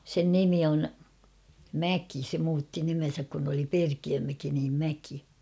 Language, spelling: Finnish, sen nimi on Mäki se muutti nimensä kun oli Perkiömäki niin Mäki
- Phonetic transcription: sen "nimi on , "Mäki se muutti nimen̬säk kun ‿oli 'Perkiömäki niim 'Mäki .

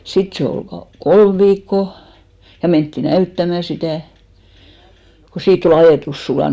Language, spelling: Finnish, sitten se oli - kolme viikkoa ja mentiin näyttämään sitä kun siitä oli ajetus sulanut
- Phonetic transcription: 'sit se ol "ka- , "kolm viikko , ja mentti "näyttämä sitä̀ , ko 'siitt ‿o'l ‿ajètus 'sulàn .

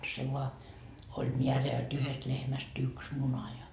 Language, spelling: Finnish, se vain oli määrä jotta yhdestä lehmästä yksi muna ja
- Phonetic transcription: se voa , oĺ "miärä jo't ‿yhest lehmäs"t ‿yks 'muna ja .

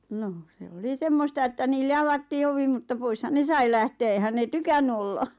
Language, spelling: Finnish, no se oli semmoista että niille avattiin ovi mutta poishan ne sai lähteä eihän ne tykännyt olla
- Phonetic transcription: noh se "oli "semmosta että niille "avattii 'ovi mutta 'poishan "ne sai lähtee eⁱhän 'nè "tykänny olla .

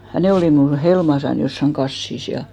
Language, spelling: Finnish, ja ne oli minulla helmassani jossakin kassissa ja
- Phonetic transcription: ja 'ne olì mnul 'helmasan jossaŋ 'ɢassis ja .

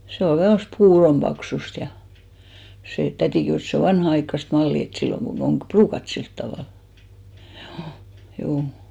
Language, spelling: Finnish, se oli vähän semmoista puuron paksuista ja se täti kehui että se on vanhanaikaista mallia että silloin kun on ruukattu sillä tavalla juu juu
- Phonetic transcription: 'se ol (vähä semmost) "puurom paksust ja , sè 'tätì kehùs ‿et 'se o "vanha₍aikkast 'mallì et , 'silloŋ ɢun ‿om "ʙruukat 'silt tavàl , hjuu , 'juu .

